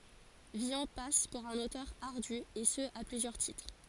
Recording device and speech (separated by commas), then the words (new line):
forehead accelerometer, read sentence
Villon passe pour un auteur ardu, et ce à plusieurs titres.